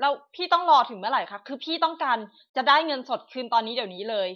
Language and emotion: Thai, frustrated